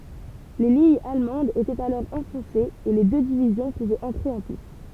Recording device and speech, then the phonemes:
temple vibration pickup, read sentence
le liɲz almɑ̃dz etɛt alɔʁ ɑ̃fɔ̃sez e le dø divizjɔ̃ puvɛt ɑ̃tʁe ɑ̃ pist

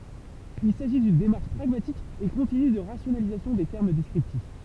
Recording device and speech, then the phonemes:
temple vibration pickup, read sentence
il saʒi dyn demaʁʃ pʁaɡmatik e kɔ̃tiny də ʁasjonalizasjɔ̃ de tɛʁm dɛskʁiptif

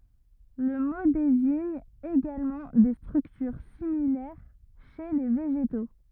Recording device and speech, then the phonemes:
rigid in-ear microphone, read sentence
lə mo deziɲ eɡalmɑ̃ de stʁyktyʁ similɛʁ ʃe le veʒeto

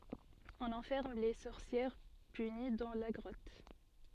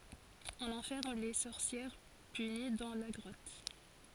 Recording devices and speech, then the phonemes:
soft in-ear microphone, forehead accelerometer, read sentence
ɔ̃n ɑ̃fɛʁm le sɔʁsjɛʁ pyni dɑ̃ la ɡʁɔt

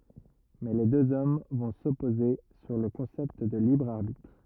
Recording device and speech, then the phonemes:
rigid in-ear microphone, read sentence
mɛ le døz ɔm vɔ̃ sɔpoze syʁ lə kɔ̃sɛpt də libʁ aʁbitʁ

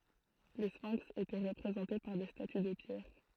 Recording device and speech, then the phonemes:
throat microphone, read sentence
le sfɛ̃ks etɛ ʁəpʁezɑ̃te paʁ de staty də pjɛʁ

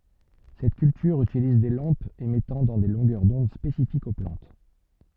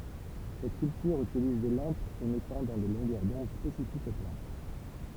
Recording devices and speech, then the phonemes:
soft in-ear microphone, temple vibration pickup, read sentence
sɛt kyltyʁ ytiliz de lɑ̃pz emɛtɑ̃ dɑ̃ de lɔ̃ɡœʁ dɔ̃d spesifikz o plɑ̃t

